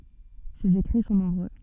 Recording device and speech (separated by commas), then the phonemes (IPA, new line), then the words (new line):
soft in-ear microphone, read sentence
sez ekʁi sɔ̃ nɔ̃bʁø
Ses écrits sont nombreux.